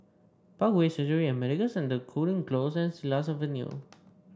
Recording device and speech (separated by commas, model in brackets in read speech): standing microphone (AKG C214), read sentence